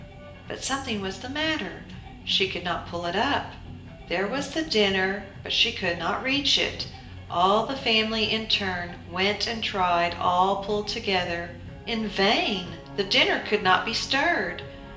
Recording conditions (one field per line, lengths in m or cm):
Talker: one person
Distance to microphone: 1.8 m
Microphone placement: close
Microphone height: 1.0 m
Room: large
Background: music